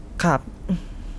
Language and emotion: Thai, frustrated